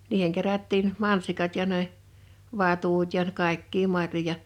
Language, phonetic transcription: Finnish, 'niiheŋ kerättiin , 'mansikat ja ne , 'vatut ja 'kàekkii 'marjoja ,.
- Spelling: niihin kerättiin mansikat ja ne vatut ja kaikkia marjoja

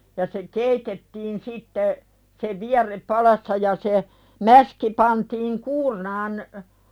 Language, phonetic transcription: Finnish, ja se "keitettiin sitte , se "viär̆rep 'palassa ja se , 'mäski pantiiŋ "kuurnaan .
- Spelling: ja se keitettiin sitten se vierre padassa ja se mäski pantiin kuurnaan

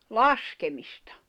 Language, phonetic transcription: Finnish, laskemistᴀ .
- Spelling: laskemista

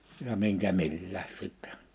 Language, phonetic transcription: Finnish, ja 'miŋkä 'millääs 'sìttɛ .
- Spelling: ja minkä milläkin sitten

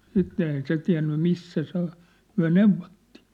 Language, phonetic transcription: Finnish, 'sitten ‿ei "se tiä̭nny "mis̀sä se ‿ŏ , 'myä̭ "neuv̆vottÌ .
- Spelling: sitten ei se tiennyt missä se on me neuvottiin

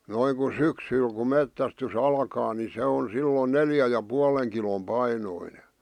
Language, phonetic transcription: Finnish, 'noiŋ ku "syksyl ku "mettästy's ‿alkaa ni 'se on 'sillon "neljä ja 'pualeŋ kilom 'painoine .
- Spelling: noin kun syksyllä kun metsästys alkaa niin se on silloin neljän ja puolen kilon painoinen

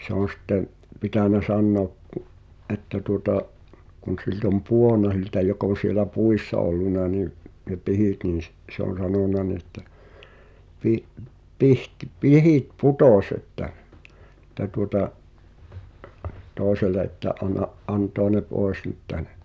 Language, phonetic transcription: Finnish, 'se ‿on̬ sɪttem , 'pitä̀nä "sannòᵃk ku’ , ’että tuŏta’ , kun̬ silt ‿om "puon̆na (s)iltä jok ‿òn̬ sielä 'puissa olluna niᵐ , ne 'pihit niin̬ s- , 'se ‿on̬ 'sanona ni ‿ĕttä , » pi’- , pihtⁱ- "pihit "putòś ‿että ! « , [et]t̀ä tuota’ , 'toesele että » '’an̆na’ , '’antoa ne 'poes nʸt 'täɴᴇ « .
- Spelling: se on sitten pitänyt sanoa kun että tuota kun siltä on pudonnut siltä joka on siellä puissa ollut niin ne pihdit niin - se on sanonut niin että - - pihdit putosi että että tuota toiselle että anna antaa ne pois nyt tänne

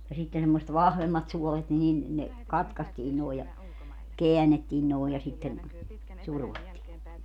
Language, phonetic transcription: Finnish, ja 'sitten semmoset "vahvemmat 'suolet ni nin , 'ne , "katkastii nòe ja , 'keänettiin nòe ja sitten , 'survottii .
- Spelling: ja sitten semmoiset vahvemmat suolet niin niin ne katkaistiin noin ja käännettiin noin ja sitten survottiin

